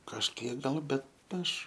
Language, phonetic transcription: Lithuanian, kažˈkiek ˈgal ˈbet ˈaš

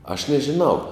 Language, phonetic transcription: Lithuanian, aš nežiˈnau

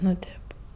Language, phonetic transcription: Lithuanian, nu ˈtėp

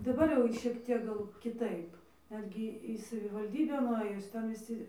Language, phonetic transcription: Lithuanian, daˈbar jau ˈšiek ˈtiek ˈgal kiˈtaip ˈnetgi į savivalˈdybę nuˈɘjus ˈten viˈsi

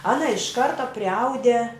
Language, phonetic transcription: Lithuanian, ˈana iš ˈkarta priˈaude

